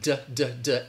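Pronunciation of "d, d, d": The d sound is said three times on its own, and each one is aspirated, with a puff of air.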